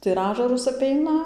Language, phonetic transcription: Lithuanian, tai ir ˈažarus aˈpeina

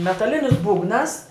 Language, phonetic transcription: Lithuanian, metaˈlinis ˈbūgnas

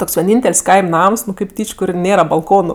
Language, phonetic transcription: Lithuanian, ˈtoks vieˈnyntel's' ˈkaim' ˈnams nu kėp ˈtyč' ˈkur ˈnėra balˈkonu

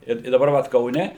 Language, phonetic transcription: Lithuanian, ˈir i daˈbar vat kauˈne

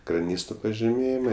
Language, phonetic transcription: Lithuanian, kraˈnysto pažiˈmėjima

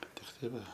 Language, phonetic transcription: Lithuanian, ˈbet tikˈtai ˈva

